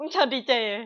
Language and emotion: Thai, neutral